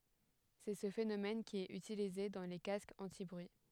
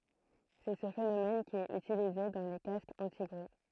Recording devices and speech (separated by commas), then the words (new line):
headset microphone, throat microphone, read sentence
C'est ce phénomène qui est utilisé dans les casques anti-bruit.